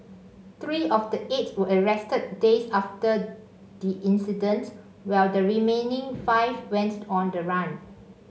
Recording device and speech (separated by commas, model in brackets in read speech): mobile phone (Samsung C5), read sentence